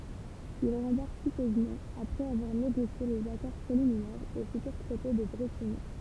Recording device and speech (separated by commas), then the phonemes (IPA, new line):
temple vibration pickup, read sentence
il ʁɑ̃baʁk pitøzmɑ̃ apʁɛz avwaʁ neɡosje lez akɔʁ pʁeliminɛʁz o fytyʁ tʁɛte də bʁetiɲi